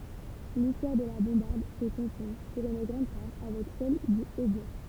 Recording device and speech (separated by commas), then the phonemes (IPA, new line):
temple vibration pickup, read sentence
listwaʁ də la bɔ̃baʁd sə kɔ̃fɔ̃ puʁ yn ɡʁɑ̃d paʁ avɛk sɛl dy otbwa